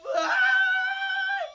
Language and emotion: Thai, happy